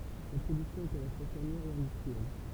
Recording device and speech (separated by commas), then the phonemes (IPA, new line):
temple vibration pickup, read sentence
sa pʁodyksjɔ̃ ɛt a la fwa fɛʁmjɛʁ e ɛ̃dystʁiɛl